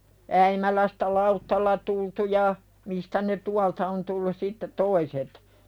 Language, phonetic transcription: Finnish, 'Äimälästä "lauttalla tultu ja , mistä ne "tualta on tullus sitte 'toiset .
- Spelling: Äimälästä lautalla tultu ja mistä ne tuolta on tullut sitten toiset

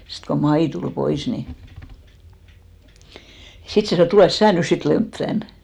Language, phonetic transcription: Finnish, sit ko 'Mai tul 'pois ni , 'sit se sanò et » 'tulès "sää nys 'sit 'Lemp tän ! «
- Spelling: sitten kun Maija tuli pois niin sitten se sanoi että tule sinä nyt sitten Lempi tänne

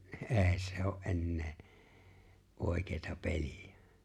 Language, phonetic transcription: Finnish, ni "’e̬e̬ⁱ se o’ '’ennee , '’òi̬keeta 'peĺɪ₍ᴀ̈ .
- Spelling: niin ei se ole enää oikeata peliä

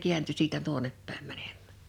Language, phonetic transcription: Finnish, 'kiänty 'siitä 'tuonep pä̀im mänᴇᴍᴍᴀ̈̀ .
- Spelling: kääntyi siitä tuonne päin menemään

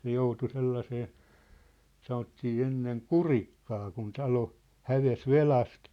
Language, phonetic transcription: Finnish, se "joutu 'sellasee , 'sanottii 'enneŋ "kurikkaa kun 'talo , "häves "velast .
- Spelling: se joutui sellaiseen sanottiin ennen kurikkaan kun talo hävisi velasta

